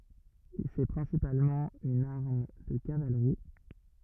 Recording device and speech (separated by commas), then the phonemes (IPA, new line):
rigid in-ear microphone, read sentence
sɛ pʁɛ̃sipalmɑ̃ yn aʁm də kavalʁi